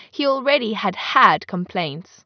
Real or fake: real